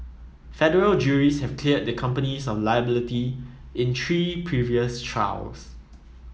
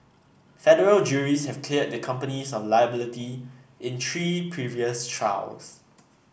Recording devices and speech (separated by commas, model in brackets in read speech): mobile phone (iPhone 7), boundary microphone (BM630), read sentence